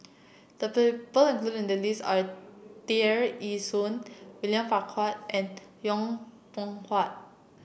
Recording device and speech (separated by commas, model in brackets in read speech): boundary microphone (BM630), read sentence